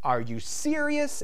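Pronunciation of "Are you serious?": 'Are you serious?' is said with a rising intonation, going from low to high.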